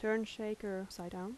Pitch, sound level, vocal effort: 210 Hz, 80 dB SPL, soft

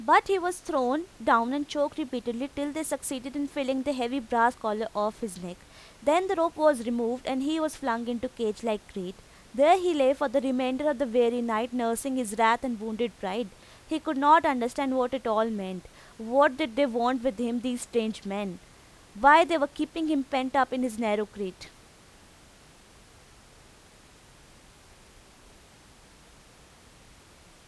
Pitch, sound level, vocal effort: 245 Hz, 89 dB SPL, loud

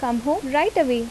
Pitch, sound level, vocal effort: 250 Hz, 81 dB SPL, normal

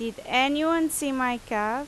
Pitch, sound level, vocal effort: 255 Hz, 88 dB SPL, very loud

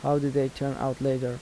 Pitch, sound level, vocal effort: 135 Hz, 82 dB SPL, soft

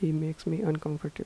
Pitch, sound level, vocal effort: 155 Hz, 77 dB SPL, soft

